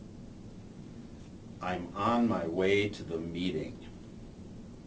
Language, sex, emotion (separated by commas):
English, male, disgusted